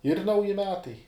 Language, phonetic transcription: Lithuanian, ir ˈnauji ˈmetai

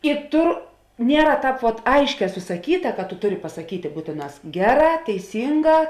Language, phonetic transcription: Lithuanian, i ˈtur ˈniera ˈtāp vot ˈaišˌkē susaˈkyta kad tu ˈtuˌri pasa kytė ˈbūtėˌnās ˈgeˌrā teiˈsynˌgā

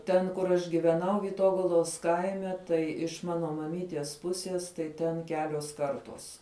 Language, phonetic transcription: Lithuanian, ˈten kur ˈaš giveˈnau vyˈtogalos ˈkaime tai iš ˈmano maˈmyties ˈpusies ˈtai ˈten ˈkeliuos ˈkartuos

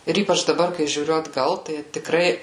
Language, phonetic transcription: Lithuanian, ir ˈypač daˈbar kai žiūˈriu atˈgal tai tiˈkrai

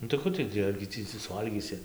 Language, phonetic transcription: Lithuanian, nu tai ˈku tai ˈtį argi ˈtį ci suˈvalgysi

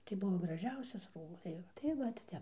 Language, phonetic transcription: Lithuanian, tai ˈbuvo graˈžiausias ˈrūbas tai ˈjau tai ˈvat ˈtep

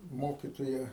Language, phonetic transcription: Lithuanian, ˈmokitoja

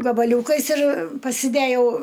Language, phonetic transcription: Lithuanian, gabaˈliūkais ir pasiˈdejau

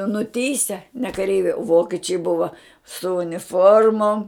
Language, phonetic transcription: Lithuanian, nuˈtįse ne kaˈreiviai ˈvokečiai ˈbuva su uniˈformom

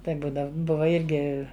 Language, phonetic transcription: Lithuanian, ˈtai ˈbūdav ˈbuva ˈirgi

